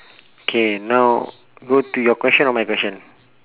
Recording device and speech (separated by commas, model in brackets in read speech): telephone, conversation in separate rooms